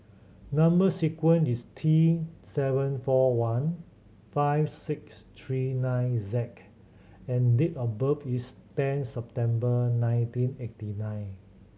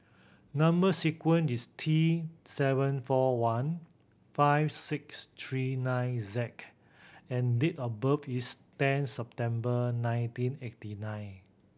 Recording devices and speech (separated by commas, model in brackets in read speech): mobile phone (Samsung C7100), boundary microphone (BM630), read sentence